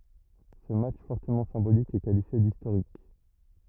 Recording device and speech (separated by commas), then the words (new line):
rigid in-ear microphone, read sentence
Ce match fortement symbolique est qualifié d'historique.